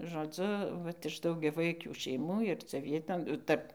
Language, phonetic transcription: Lithuanian, žoˈdzu ˈvat iš daugiaˈvaikių šeiˈmų ir cia ˈvieton ˈtarp

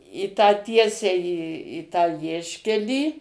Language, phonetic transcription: Lithuanian, į tą ˈtiesiai į į ˈtą ˈvieškelį

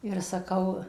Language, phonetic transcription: Lithuanian, ir saˈkau

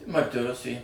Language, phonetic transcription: Lithuanian, ti marˈti ˈrusė

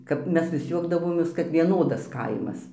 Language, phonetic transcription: Lithuanian, ˈkap ˈmes vis ˈjuokdavomės kad vieˈnodas ˈkaimas

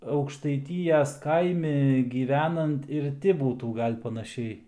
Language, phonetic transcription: Lithuanian, aukštaiˈtyjas ˈkaimi gyˈvenant ir ˈti ˈbūtų ˈgal' panaˈšiai

